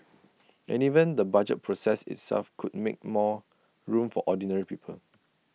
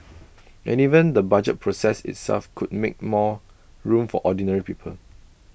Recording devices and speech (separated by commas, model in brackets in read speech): mobile phone (iPhone 6), boundary microphone (BM630), read sentence